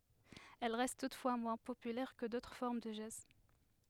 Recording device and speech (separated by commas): headset microphone, read sentence